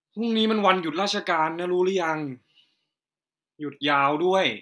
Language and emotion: Thai, frustrated